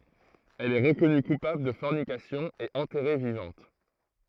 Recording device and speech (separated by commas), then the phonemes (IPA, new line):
throat microphone, read sentence
ɛl ɛ ʁəkɔny kupabl də fɔʁnikasjɔ̃ e ɑ̃tɛʁe vivɑ̃t